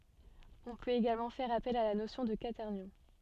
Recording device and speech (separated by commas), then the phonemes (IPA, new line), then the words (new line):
soft in-ear microphone, read sentence
ɔ̃ pøt eɡalmɑ̃ fɛʁ apɛl a la nosjɔ̃ də kwatɛʁnjɔ̃
On peut également faire appel à la notion de quaternions.